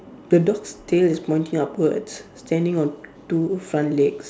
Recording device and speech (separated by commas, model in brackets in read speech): standing microphone, conversation in separate rooms